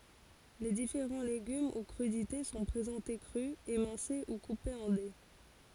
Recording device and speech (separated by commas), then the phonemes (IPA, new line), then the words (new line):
forehead accelerometer, read sentence
le difeʁɑ̃ leɡym u kʁydite sɔ̃ pʁezɑ̃te kʁy emɛ̃se u kupez ɑ̃ de
Les différents légumes ou crudités sont présentés crus, émincés ou coupés en dés.